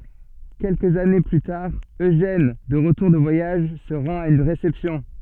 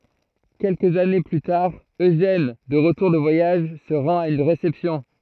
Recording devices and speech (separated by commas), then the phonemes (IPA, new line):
soft in-ear microphone, throat microphone, read sentence
kɛlkəz ane ply taʁ øʒɛn də ʁətuʁ də vwajaʒ sə ʁɑ̃t a yn ʁesɛpsjɔ̃